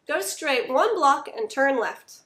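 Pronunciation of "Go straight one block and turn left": The sentence is said fast, and 'turn left' is blended together so that it sounds like one word.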